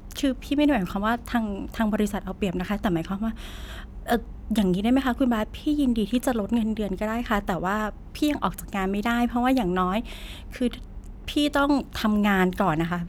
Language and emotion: Thai, frustrated